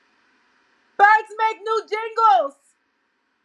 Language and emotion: English, fearful